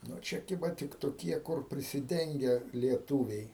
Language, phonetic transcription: Lithuanian, ˈnu ˈčia ˈkiba ˈtik toˈkie kur prisiˈdenge lieˈtūviai

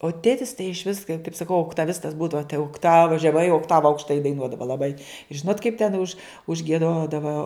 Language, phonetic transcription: Lithuanian, o ˈtėtis tai išˈvis kai kaip saˈkau oktaˈvistas ˈbūdava tai okˈtava žeˈmai okˈtava aukšˈtai daiˈnuodava laˈbai ˈžinot kaip ten už užgieˈdodava

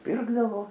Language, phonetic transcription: Lithuanian, ˈpirkdavo

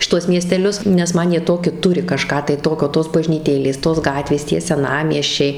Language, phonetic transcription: Lithuanian, šiˈtuos miesteˈlius nes ˈman jie ˈtoki ˈturi kaˈžką tai ˈtokio tos bažnyˈtėlės tos ˈgatvės tie seˈnamiesčiai

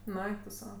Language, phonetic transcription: Lithuanian, nu ˈeik tu ˈsau

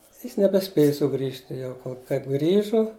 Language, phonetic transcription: Lithuanian, ˈjis nebeˈspėju suˈgrįžti ˈjau ko kaip ˈgrįžu

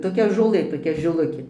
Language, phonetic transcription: Lithuanian, toˈkia žoˈlɘ toˈkia žiˈlukė

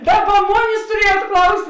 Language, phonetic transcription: Lithuanian, ˈdaˌba ˈmonės tuˈriejuot ˈklaust'

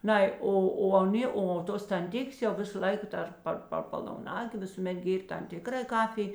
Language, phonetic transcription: Lithuanian, ˈnai ˈo o aˈnė o ˈtos tanˈtikės jau ˈvisa ˈlaika ˈdar ˈpar par palauˈnagė ˈvisūˌmet ˈgėr' tam ˈtikra ˈkafij

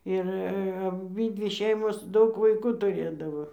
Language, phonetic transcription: Lithuanian, ir aˈbydvi ˈšeimos ˈdaug vaiˈkų tuˈrėdavo

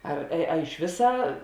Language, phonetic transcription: Lithuanian, ˈar a iš ˈvisą

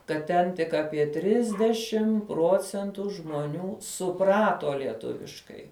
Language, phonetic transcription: Lithuanian, kad ˈten tik ˈapie ˈtrisdešim ˈpruocentu žmoˈnių suˈprato lieˈtuviškai

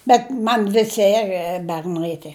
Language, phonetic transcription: Lithuanian, bet ˈman ˈvisi er berˈnai tie

